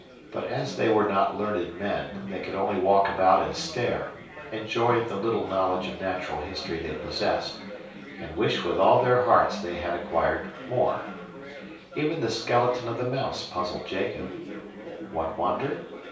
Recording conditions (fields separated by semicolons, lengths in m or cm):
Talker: one person; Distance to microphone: 3.0 m; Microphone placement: far; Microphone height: 1.8 m; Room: small (3.7 m by 2.7 m); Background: babble